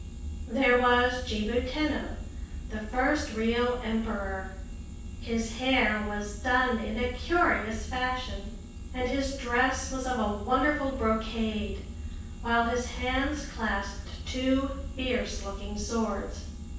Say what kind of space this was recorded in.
A spacious room.